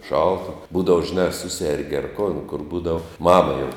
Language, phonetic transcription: Lithuanian, ˈšalta ˈbūdav žiˈnā a ˈsusergi ar kon kur ˈbūdav ˈmama jau

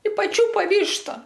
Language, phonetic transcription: Lithuanian, i paˈčiūpa ˈvyšta

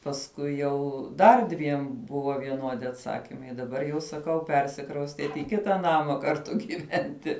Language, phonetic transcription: Lithuanian, pasˈkui jau ˈdar dviem ˈbuvo vieˈnuodi atˈsakimai daˈbar jau saˈkau ˈpersikraustiet i ˈkita ˈnama karˈtu gyˈventi

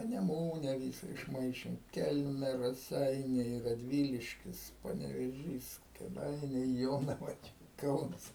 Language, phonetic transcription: Lithuanian, paneˈmūne ˈvysa išˈmaišėm ˈkelme raˈseiniai raˈdvyliškis panevėˈžys kėˈdainiai ˈjonava čia ˈkaunas

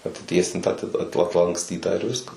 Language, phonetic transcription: Lithuanian, atiˈtiesintą ati at atlanksˈtytą ir ˈviskas

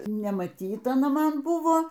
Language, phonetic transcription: Lithuanian, nemaˈtyta aˈna ˈman ˈbuvo

